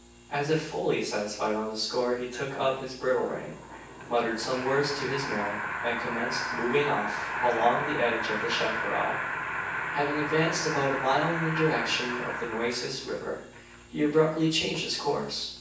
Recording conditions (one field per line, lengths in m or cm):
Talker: one person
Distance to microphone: 9.8 m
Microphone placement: far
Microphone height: 1.8 m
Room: large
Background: television